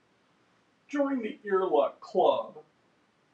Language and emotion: English, sad